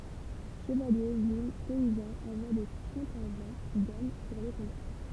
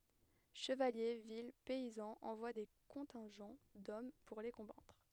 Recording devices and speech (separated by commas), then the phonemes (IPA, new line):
temple vibration pickup, headset microphone, read sentence
ʃəvalje vil pɛizɑ̃z ɑ̃vwa de kɔ̃tɛ̃ʒɑ̃ dɔm puʁ le kɔ̃batʁ